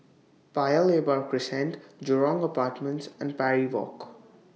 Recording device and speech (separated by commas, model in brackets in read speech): mobile phone (iPhone 6), read sentence